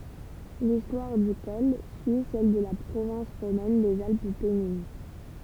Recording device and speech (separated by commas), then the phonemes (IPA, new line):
temple vibration pickup, read sentence
listwaʁ dy kɔl syi sɛl də la pʁovɛ̃s ʁomɛn dez alp pɛnin